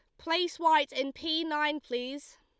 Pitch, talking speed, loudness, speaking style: 300 Hz, 165 wpm, -30 LUFS, Lombard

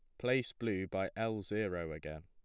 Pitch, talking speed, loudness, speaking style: 105 Hz, 175 wpm, -38 LUFS, plain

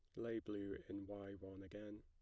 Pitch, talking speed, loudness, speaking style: 100 Hz, 200 wpm, -50 LUFS, plain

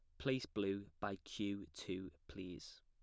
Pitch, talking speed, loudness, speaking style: 100 Hz, 135 wpm, -45 LUFS, plain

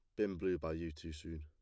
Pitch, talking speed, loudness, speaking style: 80 Hz, 295 wpm, -41 LUFS, plain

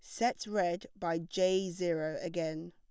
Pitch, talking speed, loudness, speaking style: 175 Hz, 145 wpm, -34 LUFS, plain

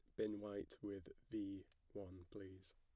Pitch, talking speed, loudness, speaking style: 100 Hz, 140 wpm, -51 LUFS, plain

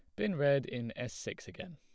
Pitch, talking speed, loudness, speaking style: 125 Hz, 235 wpm, -35 LUFS, plain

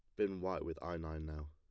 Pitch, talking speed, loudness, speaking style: 80 Hz, 275 wpm, -42 LUFS, plain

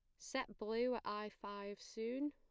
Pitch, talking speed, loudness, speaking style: 225 Hz, 170 wpm, -44 LUFS, plain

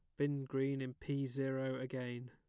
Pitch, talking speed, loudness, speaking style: 135 Hz, 170 wpm, -40 LUFS, plain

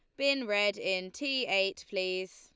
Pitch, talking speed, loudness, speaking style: 200 Hz, 165 wpm, -31 LUFS, Lombard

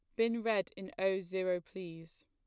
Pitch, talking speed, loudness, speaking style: 190 Hz, 175 wpm, -36 LUFS, plain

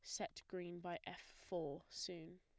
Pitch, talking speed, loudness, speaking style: 180 Hz, 165 wpm, -49 LUFS, plain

